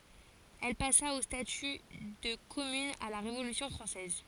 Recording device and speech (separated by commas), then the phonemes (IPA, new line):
forehead accelerometer, read sentence
ɛl pasa o staty də kɔmyn a la ʁevolysjɔ̃ fʁɑ̃sɛz